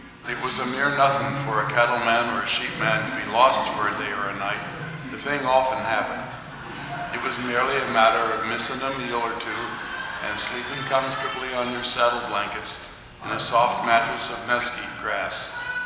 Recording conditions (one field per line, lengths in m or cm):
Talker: one person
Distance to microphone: 1.7 m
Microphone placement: close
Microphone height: 1.0 m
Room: very reverberant, large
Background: television